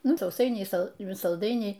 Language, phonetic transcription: Lithuanian, ˈnu sauˈsainiai ˈsal salˈdainiai

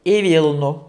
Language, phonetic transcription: Lithuanian, i ˈvylnu

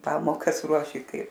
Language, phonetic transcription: Lithuanian, ˈpamokas ˈruoši ˈkai

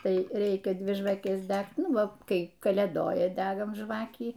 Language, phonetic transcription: Lithuanian, ˈtai ˈreikia ˈdvi žvaˈkes ˈdægt ˈnu ˈva ˈkai kalėˈdoja ˈdegam ˈžvakį

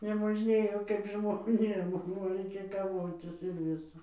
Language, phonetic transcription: Lithuanian, nemožˈnėjo kaip žmoˈnėm o raiˈkėj kaˈvotis ir ˈvisa

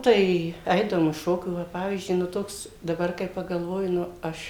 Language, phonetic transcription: Lithuanian, ˈtai ˈaidavom iš ˈšokių ˈva ˈpavyzdžiui nu ˈtoks daˈbar kai paˈgalvoji nu ˈaš

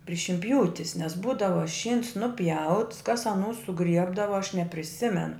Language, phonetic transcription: Lithuanian, pri šinˈpjūtis nes ˈbūdava ˈšyns nuˈpjauts kas aˈnų suˈgriebdava aš nepriˈsimen

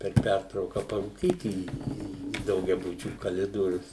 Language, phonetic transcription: Lithuanian, per ˈpærtrauka parūˈkyt į į daugiaˈbučių kaˈlidorius

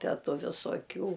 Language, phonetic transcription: Lithuanian, ˈtę ˈtu visoˈkių

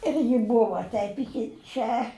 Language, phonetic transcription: Lithuanian, ir ji ˈbuva ˈteip iˈki ˈčia

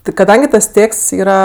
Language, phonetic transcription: Lithuanian, ti kaˈdangi tas ˈtėksts ˈyra

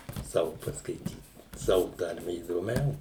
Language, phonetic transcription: Lithuanian, ˈsavu paskaiˈtyt ˈsavu ˈtarme įdoˈmiau

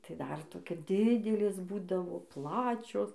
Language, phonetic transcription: Lithuanian, tai dar toˈkia ˈdidelės ˈbūdavo ˈplačios

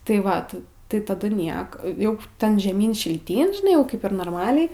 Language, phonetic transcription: Lithuanian, tai ˈvat tai taˈdu ˈniek ˈjau ˈten žeˈmyn šilˈtyn žiˈnai jau ˈkaip ir norˈmaliai

